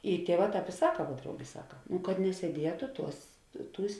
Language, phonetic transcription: Lithuanian, i ˈtieˌvā ˈtāp i ˈsaka vuo ˈdraugė ˈsaka nu kad nesieˈdietu ˈtuos ˈtūs'

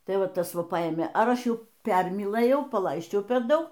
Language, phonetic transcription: Lithuanian, ˈtai ˈva ˈtas ˈva ˈpaėmė ˈar ˈaš ˈjau ˈpermylɘjau paˈlaisčiau per ˈdaug

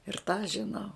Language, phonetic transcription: Lithuanian, ir tą žiˈnau

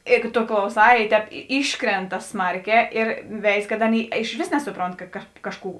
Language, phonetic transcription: Lithuanian, ˈėgu to klauˈsā i ˈtēp ˈyškrenta ˈsmarˌkē ir ˈveiz kad ˈaˌnėi išˈvės ˈnesuˌpront ka kad ˈkažˌkų

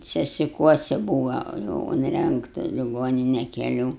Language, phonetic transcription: Lithuanian, sesiˈkuosi ˈbūva jau unˈrengta liˈgonine keˈlių

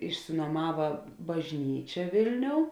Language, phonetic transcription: Lithuanian, išsinuoˈmava bažˈnyčia ˈvėlˌniou

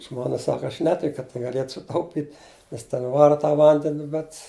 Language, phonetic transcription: Lithuanian, ˈžmona ˈsaka aš ˈnetik kad tai gaˈliet suˈtaupit' nes ten ˈvara ta ˈvandeni bet

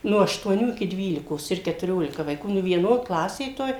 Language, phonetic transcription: Lithuanian, ˈno aštuoˈnių iki ˈdvylikos ir ketuˈriolika vaiˈkų nu vieˈno ˈklasė toj

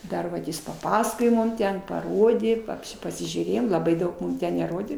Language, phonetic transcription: Lithuanian, ˈdar vat ˈjis paˈpasakojo ˈmum ˈten paˈrodė papˈši pasižiūˈrėjom laˈbai ˈdaug ˈmum ˈten neˈrodė

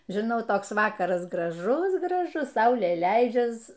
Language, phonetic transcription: Lithuanian, žiˈnau ˈtoks ˈvakaras graˈžus graˈžus ˈsaulė ˈleidžias

